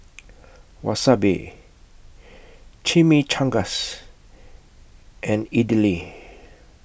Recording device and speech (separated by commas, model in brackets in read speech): boundary microphone (BM630), read sentence